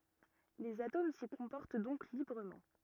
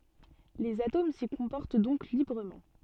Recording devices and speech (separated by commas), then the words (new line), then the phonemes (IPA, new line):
rigid in-ear microphone, soft in-ear microphone, read sentence
Les atomes s'y comportent donc librement.
lez atom si kɔ̃pɔʁt dɔ̃k libʁəmɑ̃